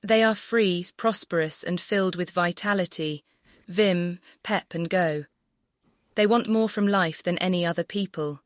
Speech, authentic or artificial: artificial